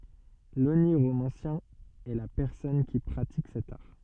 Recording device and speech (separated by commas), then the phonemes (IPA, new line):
soft in-ear microphone, read sentence
loniʁomɑ̃sjɛ̃ ɛ la pɛʁsɔn ki pʁatik sɛt aʁ